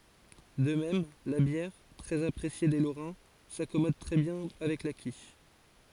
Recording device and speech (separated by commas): forehead accelerometer, read sentence